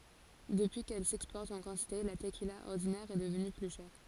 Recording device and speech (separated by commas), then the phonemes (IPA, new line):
forehead accelerometer, read sentence
dəpyi kɛl sɛkspɔʁt ɑ̃ kɑ̃tite la təkila ɔʁdinɛʁ ɛ dəvny ply ʃɛʁ